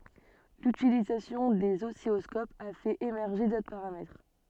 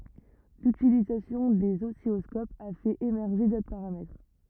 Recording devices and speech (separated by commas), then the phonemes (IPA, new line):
soft in-ear microphone, rigid in-ear microphone, read sentence
lytilizasjɔ̃ dez ɔsilɔskopz a fɛt emɛʁʒe dotʁ paʁamɛtʁ